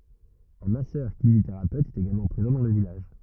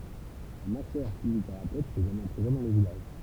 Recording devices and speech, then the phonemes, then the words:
rigid in-ear microphone, temple vibration pickup, read sentence
œ̃ masœʁkineziteʁapøt ɛt eɡalmɑ̃ pʁezɑ̃ dɑ̃ lə vilaʒ
Un Masseur-kinésithérapeute est également présent dans le village.

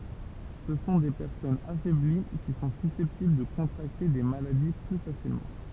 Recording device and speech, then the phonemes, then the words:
temple vibration pickup, read sentence
sə sɔ̃ de pɛʁsɔnz afɛbli ki sɔ̃ sysɛptibl də kɔ̃tʁakte de maladi ply fasilmɑ̃
Ce sont des personnes affaiblies qui sont susceptibles de contracter des maladies plus facilement.

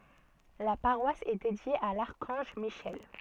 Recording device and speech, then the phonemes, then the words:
soft in-ear microphone, read sentence
la paʁwas ɛ dedje a laʁkɑ̃ʒ miʃɛl
La paroisse est dédiée à l'archange Michel.

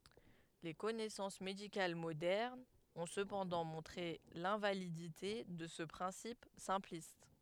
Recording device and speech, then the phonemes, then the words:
headset microphone, read sentence
le kɔnɛsɑ̃s medikal modɛʁnz ɔ̃ səpɑ̃dɑ̃ mɔ̃tʁe lɛ̃validite də sə pʁɛ̃sip sɛ̃plist
Les connaissances médicales modernes ont cependant montré l'invalidité de ce principe simpliste.

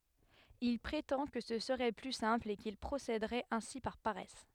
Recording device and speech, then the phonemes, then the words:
headset microphone, read sentence
il pʁetɑ̃ kə sə səʁɛ ply sɛ̃pl e kil pʁosedəʁɛt ɛ̃si paʁ paʁɛs
Il prétend que ce serait plus simple et qu'il procéderait ainsi par paresse.

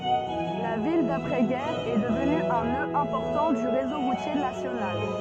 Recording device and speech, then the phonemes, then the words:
soft in-ear microphone, read sentence
la vil dapʁɛ ɡɛʁ ɛ dəvny œ̃ nø ɛ̃pɔʁtɑ̃ dy ʁezo ʁutje nasjonal
La ville d'après-guerre est devenue un nœud important du réseau routier national.

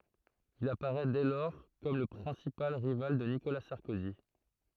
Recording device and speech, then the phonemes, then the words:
throat microphone, read sentence
il apaʁɛ dɛ lɔʁ kɔm lə pʁɛ̃sipal ʁival də nikola sɑʁkozi
Il apparaît dès lors comme le principal rival de Nicolas Sarkozy.

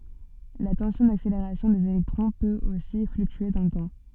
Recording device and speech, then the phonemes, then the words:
soft in-ear microphone, read sentence
la tɑ̃sjɔ̃ dakseleʁasjɔ̃ dez elɛktʁɔ̃ pøt osi flyktye dɑ̃ lə tɑ̃
La tension d'accélération des électrons peut aussi fluctuer dans le temps.

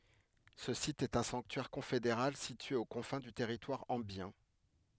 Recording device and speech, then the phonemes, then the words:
headset microphone, read sentence
sə sit ɛt œ̃ sɑ̃ktyɛʁ kɔ̃fedeʁal sitye o kɔ̃fɛ̃ dy tɛʁitwaʁ ɑ̃bjɛ̃
Ce site est un sanctuaire confédéral situé aux confins du territoire ambiens.

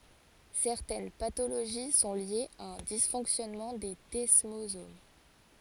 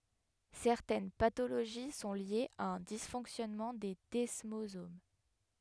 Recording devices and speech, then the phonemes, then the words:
forehead accelerometer, headset microphone, read sentence
sɛʁtɛn patoloʒi sɔ̃ ljez a œ̃ disfɔ̃ksjɔnmɑ̃ de dɛsmozom
Certaines pathologies sont liées à un dysfonctionnement des desmosomes.

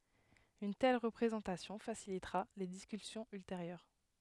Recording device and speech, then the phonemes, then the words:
headset microphone, read sentence
yn tɛl ʁəpʁezɑ̃tasjɔ̃ fasilitʁa le diskysjɔ̃z ylteʁjœʁ
Une telle représentation facilitera les discussions ultérieures.

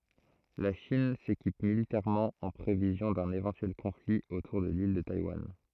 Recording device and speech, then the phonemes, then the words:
throat microphone, read sentence
la ʃin sekip militɛʁmɑ̃ ɑ̃ pʁevizjɔ̃ dœ̃n evɑ̃tyɛl kɔ̃fli otuʁ də lil də tajwan
La Chine s'équipe militairement en prévision d'un éventuel conflit autour de l'île de Taïwan.

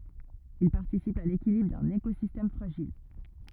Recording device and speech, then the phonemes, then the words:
rigid in-ear microphone, read sentence
il paʁtisipt a lekilibʁ dœ̃n ekozistɛm fʁaʒil
Ils participent à l'équilibre d'un écosystème fragile.

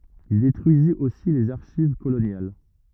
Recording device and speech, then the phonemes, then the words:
rigid in-ear microphone, read sentence
il detʁyizit osi lez aʁʃiv kolonjal
Il détruisit aussi les archives coloniales.

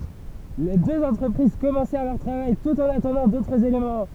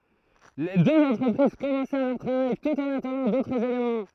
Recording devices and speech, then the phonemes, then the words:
temple vibration pickup, throat microphone, read sentence
le døz ɑ̃tʁəpʁiz kɔmɑ̃sɛʁ lœʁ tʁavaj tut ɑ̃n atɑ̃dɑ̃ dotʁz elemɑ̃
Les deux entreprises commencèrent leur travail tout en attendant d'autres éléments.

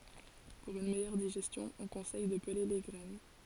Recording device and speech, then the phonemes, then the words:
forehead accelerometer, read sentence
puʁ yn mɛjœʁ diʒɛstjɔ̃ ɔ̃ kɔ̃sɛj də pəle le ɡʁɛn
Pour une meilleure digestion, on conseille de peler les graines.

